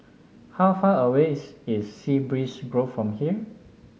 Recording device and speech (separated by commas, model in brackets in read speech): mobile phone (Samsung S8), read sentence